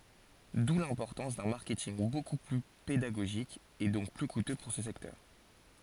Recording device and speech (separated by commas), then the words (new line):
forehead accelerometer, read sentence
D'où l'importance d'un marketing beaucoup plus pédagogique et donc plus coûteux pour ce secteur.